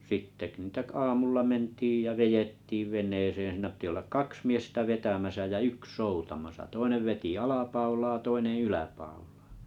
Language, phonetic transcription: Finnish, 'sitte k- niitä 'aamulla 'mentiij ja 'vejettiiv 'veǹeesee(n͕) siinä pⁱtⁱ ollak "kaks miestä 'vetämäsä jä "yks 'soutamasa 'toinev veti 'alapaulaa 'toineḛ 'yläpauʟᴀᴀ .
- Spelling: sitten - niitä aamulla mentiin ja vedettiin veneeseen siinä piti olla kaksi miestä vetämässä ja yksi soutamassa toinen veti alapaulaa toinen yläpaulaa

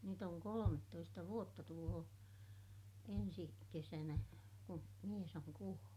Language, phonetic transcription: Finnish, nyt ‿oŋ kolomettoista vuotta tuloo , ensi , kesänä , ku , mies ‿oŋ kuollU .
- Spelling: nyt on kolmetoista vuotta tulee ensi kesänä kun mies on kuollut

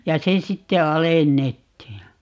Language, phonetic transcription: Finnish, ja 'se 'sitte "alennettiij ja ,.
- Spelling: ja se sitten alennettiin ja

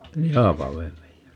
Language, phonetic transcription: Finnish, ni "Haapaveellej (joo) .
- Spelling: niin Haapavedelle joo

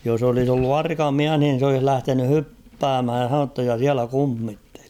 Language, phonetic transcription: Finnish, jos ‿olis ‿ollu 'arka "miäh nin̬ s ‿olih 'lähteny "hyppäämhäj ja h̬anonu ‿tta ja 'siälä 'kummitteli !
- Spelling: jos olisi ollut arka mies niin se olisi lähtenyt hyppäämään ja sanonut jotta ja siellä kummitteli

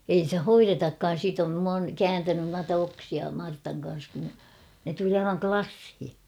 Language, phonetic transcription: Finnish, ei stä "hoiretakkaan̬ 'siit ‿om m ‿oon , "kääntänyn nuata 'oksia 'Martaŋ kan̬s (kun) , ne tuli 'aivaŋ "klasshi .
- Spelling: ei sitä hoidetakaan siitä olen minä olen kääntänyt noita oksia Martan kanssa kun ne tuli aivan lasiin

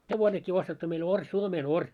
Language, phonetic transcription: Finnish, hevonekkii ostettu meil 'oŕ , 'suomee"noŕ .
- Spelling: hevonenkin ostettu meille ori suomenori

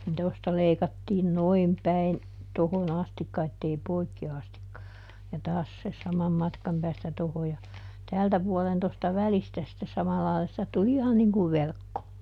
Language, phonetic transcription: Finnish, nin ˈtosta ˈleikattiin "noim päin , ˈtohon "astikka ettei ˈpoikki ˈastikka , ja ˈtaas se ˈsamam ˈmatkam päästä ˈtoho ja , ˈtäältä puɔlen tosta "välistä sⁱtte ˈsamallaila - sitä ˈtuli "ihan niŋ kuv ˈverkko .
- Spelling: niin tuosta leikattiin noin päin tuohon asti että ei poikki asti ja taas se saman matkan päästä tuohon ja täältä puolen tuosta välistä sitten samalla lailla sitä tuli ihan niin kuin verkko

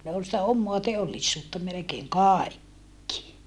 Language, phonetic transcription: Finnish, ne ol sⁱtä ommoa teollissuutta melekeeŋ kàikki .
- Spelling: ne oli sitä omaa teollisuutta melkein kaikki

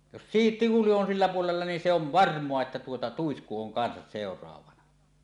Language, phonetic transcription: Finnish, jos siit- , 'tihuli on sillä puolella nin se ov "varm̀oa että tuota , "tuisku 'oŋ 'kansas 'sèor̀aavana .
- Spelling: jos - tihuli on sillä puolella niin se on varmaa että tuota tuisku on kanssa seuraavana

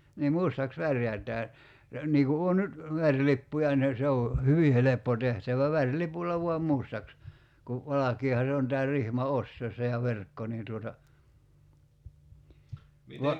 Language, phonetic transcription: Finnish, nii 'mustaks 'värjät̀ää , 'nii ku 'oo nyt , 'väŕlippuja ne 'se o , "hyvi 'heleppo tehtävä 'vär'lipul̆la vuam 'mustaks , ku , 'valakiiha 'se on tää 'rihma "ostoissa ja 'verkko niin tuota , 'va ,.
- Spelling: niin mustaksi värjätään niin kun on nyt värilippuja ne se on hyvin helppo tehtävä värilipulla vain mustaksi kun valkeahan se on tämä rihma ostaessa ja verkko niin tuota vaan

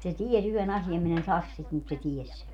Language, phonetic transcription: Finnish, se "ties ‿yhe'n ‿asiam min ‿en "sas sit mut se 'ties sen .
- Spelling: se tiesi yhden asian minä en sano sitä mutta se tiesi sen

